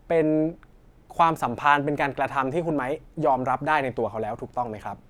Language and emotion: Thai, neutral